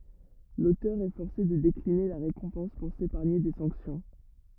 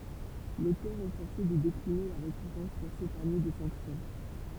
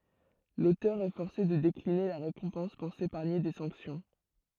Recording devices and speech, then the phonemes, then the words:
rigid in-ear microphone, temple vibration pickup, throat microphone, read sentence
lotœʁ ɛ fɔʁse də dekline la ʁekɔ̃pɑ̃s puʁ sepaʁɲe de sɑ̃ksjɔ̃
L'auteur est forcé de décliner la récompense pour s'épargner des sanctions.

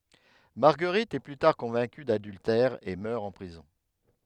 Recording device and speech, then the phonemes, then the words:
headset microphone, read sentence
maʁɡəʁit ɛ ply taʁ kɔ̃vɛ̃ky dadyltɛʁ e mœʁ ɑ̃ pʁizɔ̃
Marguerite est plus tard convaincue d'adultère et meurt en prison.

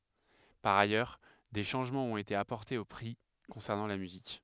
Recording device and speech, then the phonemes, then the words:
headset microphone, read sentence
paʁ ajœʁ de ʃɑ̃ʒmɑ̃z ɔ̃t ete apɔʁtez o pʁi kɔ̃sɛʁnɑ̃ la myzik
Par ailleurs, des changements ont été apportés aux prix concernant la musique.

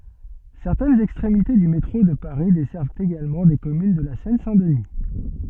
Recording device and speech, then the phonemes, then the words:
soft in-ear microphone, read sentence
sɛʁtɛnz ɛkstʁemite dy metʁo də paʁi dɛsɛʁvt eɡalmɑ̃ de kɔmyn də la sɛn sɛ̃ dəni
Certaines extrémités du métro de Paris desservent également des communes de la Seine-Saint-Denis.

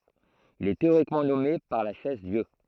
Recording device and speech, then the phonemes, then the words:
throat microphone, read sentence
il ɛ teoʁikmɑ̃ nɔme paʁ la ʃɛzdjø
Il est théoriquement nommé par la Chaise-Dieu.

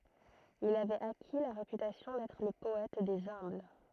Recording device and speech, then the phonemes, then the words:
throat microphone, read sentence
il avɛt aki la ʁepytasjɔ̃ dɛtʁ lə pɔɛt dez œ̃bl
Il avait acquis la réputation d’être le poète des humbles.

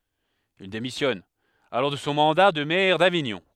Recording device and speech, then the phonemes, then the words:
headset microphone, read sentence
il demisjɔn alɔʁ də sɔ̃ mɑ̃da də mɛʁ daviɲɔ̃
Il démissionne alors de son mandat de maire d'Avignon.

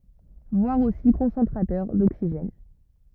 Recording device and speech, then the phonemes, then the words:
rigid in-ear microphone, read sentence
vwaʁ osi kɔ̃sɑ̃tʁatœʁ doksiʒɛn
Voir aussi Concentrateur d'oxygène.

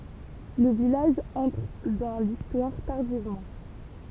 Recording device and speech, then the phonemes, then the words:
temple vibration pickup, read sentence
lə vilaʒ ɑ̃tʁ dɑ̃ listwaʁ taʁdivmɑ̃
Le village entre dans l’Histoire tardivement.

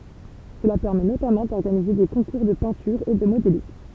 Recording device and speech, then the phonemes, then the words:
temple vibration pickup, read sentence
səla pɛʁmɛ notamɑ̃ dɔʁɡanize de kɔ̃kuʁ də pɛ̃tyʁ e də modelism
Cela permet notamment d'organiser des concours de peinture et de modélisme.

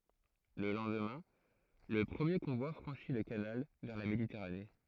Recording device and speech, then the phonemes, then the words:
throat microphone, read sentence
lə lɑ̃dmɛ̃ lə pʁəmje kɔ̃vwa fʁɑ̃ʃi lə kanal vɛʁ la meditɛʁane
Le lendemain, le premier convoi franchit le canal vers la Méditerranée.

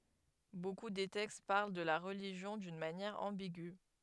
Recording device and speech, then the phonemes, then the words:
headset microphone, read sentence
boku de tɛkst paʁl də la ʁəliʒjɔ̃ dyn manjɛʁ ɑ̃biɡy
Beaucoup des textes parlent de la religion d'une manière ambigüe.

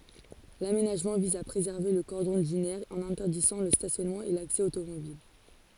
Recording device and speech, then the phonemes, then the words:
forehead accelerometer, read sentence
lamenaʒmɑ̃ viz a pʁezɛʁve lə kɔʁdɔ̃ dynɛʁ ɑ̃n ɛ̃tɛʁdizɑ̃ lə stasjɔnmɑ̃ e laksɛ otomobil
L'aménagement vise à préserver le cordon dunaire en interdisant le stationnement et l'accès automobile.

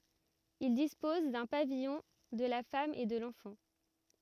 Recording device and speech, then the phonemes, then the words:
rigid in-ear microphone, read sentence
il dispɔz dœ̃ pavijɔ̃ də la fam e də lɑ̃fɑ̃
Il dispose d'un pavillon de la femme et de l'enfant.

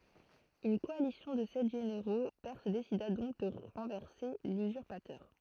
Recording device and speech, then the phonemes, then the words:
throat microphone, read sentence
yn kɔalisjɔ̃ də sɛt ʒeneʁo pɛʁs desida dɔ̃k də ʁɑ̃vɛʁse lyzyʁpatœʁ
Une coalition de sept généraux perses décida donc de renverser l'usurpateur.

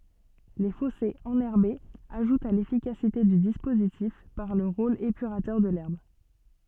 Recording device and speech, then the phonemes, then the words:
soft in-ear microphone, read sentence
le fɔsez ɑ̃nɛʁbez aʒutt a lefikasite dy dispozitif paʁ lə ʁol epyʁatœʁ də lɛʁb
Les fossés enherbés ajoutent à l'efficacité du dispositif par le rôle épurateur de l'herbe.

